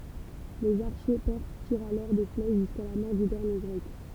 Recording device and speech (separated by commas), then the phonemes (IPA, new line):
temple vibration pickup, read sentence
lez aʁʃe pɛʁs tiʁt alɔʁ de flɛʃ ʒyska la mɔʁ dy dɛʁnje ɡʁɛk